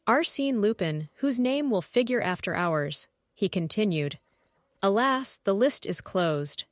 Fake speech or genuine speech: fake